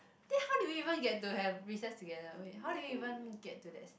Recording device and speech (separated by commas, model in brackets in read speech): boundary microphone, conversation in the same room